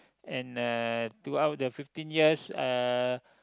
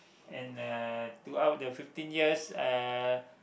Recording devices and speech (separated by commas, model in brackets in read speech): close-talking microphone, boundary microphone, conversation in the same room